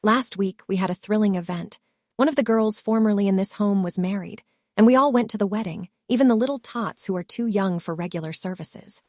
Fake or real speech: fake